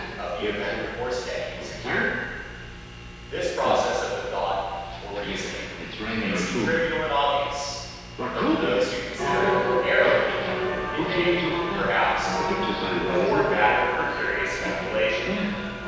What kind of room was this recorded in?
A large, very reverberant room.